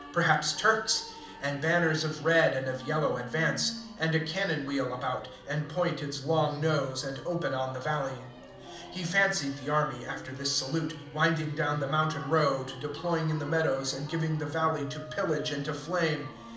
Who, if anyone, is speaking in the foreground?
One person.